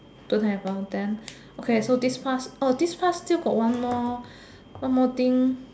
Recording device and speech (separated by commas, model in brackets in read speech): standing microphone, conversation in separate rooms